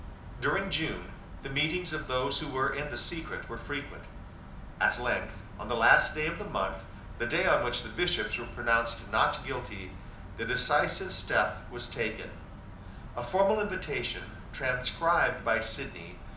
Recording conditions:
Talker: one person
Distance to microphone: 2.0 m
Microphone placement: close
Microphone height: 99 cm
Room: medium-sized (5.7 m by 4.0 m)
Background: none

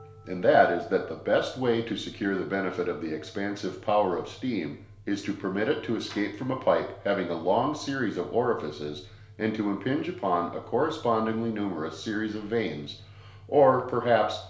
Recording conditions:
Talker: one person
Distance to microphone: 1.0 m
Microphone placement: close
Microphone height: 1.1 m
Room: small (3.7 m by 2.7 m)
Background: music

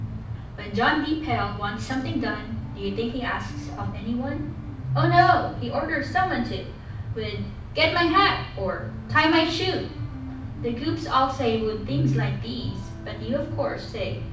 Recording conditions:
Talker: one person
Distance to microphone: 5.8 m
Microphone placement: far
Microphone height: 1.8 m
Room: medium-sized (5.7 m by 4.0 m)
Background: music

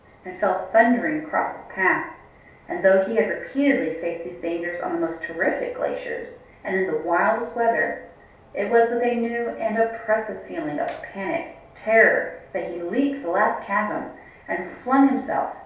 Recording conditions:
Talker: one person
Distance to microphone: 3.0 m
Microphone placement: far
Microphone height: 1.8 m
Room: small (3.7 m by 2.7 m)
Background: none

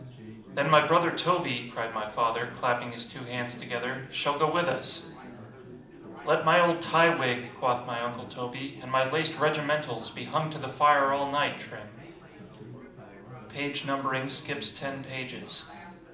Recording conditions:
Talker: one person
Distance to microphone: 2.0 m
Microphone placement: close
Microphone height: 99 cm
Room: medium-sized (5.7 m by 4.0 m)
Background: babble

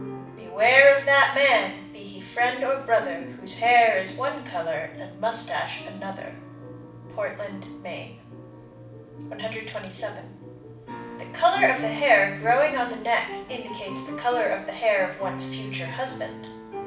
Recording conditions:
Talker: one person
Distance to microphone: 5.8 m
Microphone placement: far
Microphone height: 1.8 m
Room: medium-sized (5.7 m by 4.0 m)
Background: music

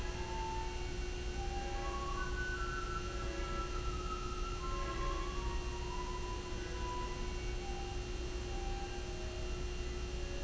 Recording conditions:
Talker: no one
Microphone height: 1.7 m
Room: very reverberant, large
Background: music

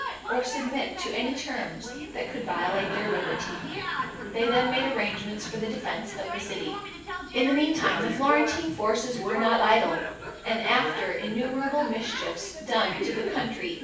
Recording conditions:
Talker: one person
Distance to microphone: 9.8 m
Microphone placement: far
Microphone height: 1.8 m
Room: large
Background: television

